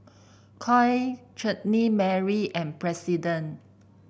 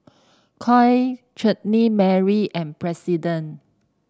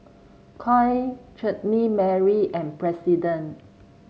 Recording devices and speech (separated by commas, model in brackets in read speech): boundary microphone (BM630), standing microphone (AKG C214), mobile phone (Samsung C7), read sentence